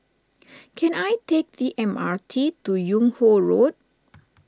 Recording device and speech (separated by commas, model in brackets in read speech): standing microphone (AKG C214), read sentence